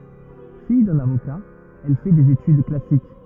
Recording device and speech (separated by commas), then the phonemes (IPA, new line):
rigid in-ear microphone, read sentence
fij dœ̃n avoka ɛl fɛ dez etyd klasik